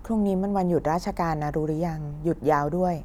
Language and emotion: Thai, neutral